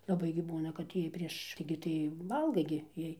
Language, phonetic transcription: Lithuanian, laˈbai gi ˈbūna kad ˈjiej prieš ˈtaigi tai ˈvalgai gi ˈjiej

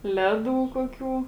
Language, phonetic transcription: Lithuanian, ˈleˌdų ˈkuoˌkių

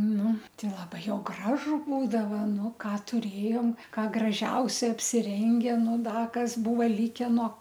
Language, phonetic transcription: Lithuanian, ˈnu ˈtai laˈbai ˈjau ˈgražu ˈbūdava ˈnu ˈką tuˈrėjom ˈką graˈžiausia apsiˈrenge ˈnu ˈda ˈkas ˈbuvo ˈlike no

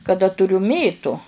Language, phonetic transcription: Lithuanian, kaˈda tuˈriu ˈmėtu

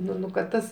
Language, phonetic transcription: Lithuanian, ˈnu nu kad ˈtas

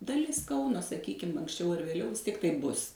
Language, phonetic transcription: Lithuanian, daˈlis ˈkauno saˈkykim anksˈčiau ar vėˈliau vis ˈtiek taip ˈbus

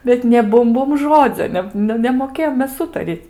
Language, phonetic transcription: Lithuanian, bet nė ˈbum ˈbum ˈžodzio ˈne nu ˈne nemoˈkėjom ˈmes ˈūtaryt'

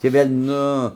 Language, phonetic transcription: Lithuanian, tį ˈvėl' ˈnu

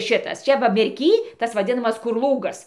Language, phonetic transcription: Lithuanian, ˈšitas ˈčia va merˈky ˈtas vaˈdinamas kur ˈlūgas

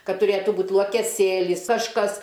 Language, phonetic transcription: Lithuanian, ˈkad tuˈrėtų ˈbūt luokeˈsėlis ažˈkas

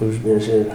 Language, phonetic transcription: Lithuanian, ˈužmėžia ir

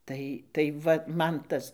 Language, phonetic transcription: Lithuanian, ˈtai tai ˈva ˈman ˈtas

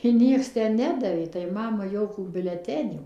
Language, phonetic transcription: Lithuanian, i ˈnieks tę ˈnedavė tai ˈmamai ˈjokų biuleˈtenių

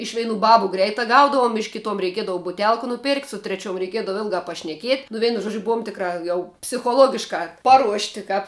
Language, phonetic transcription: Lithuanian, ˈiš ˈveinu ˈbabu ˈgreitā ˈgaudavum iš ˈkitom reiˈkiedavu buˈtelk nuˈperkt' su treˈčiuom reiˈkiedavo ˈilgā pašneˈkiet' nu ˈveinu ˈžuodžiu ˈbuom ˈtikrā jau psichoˈlogiškā ˈparuošti ˈkāp

